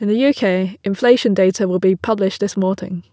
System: none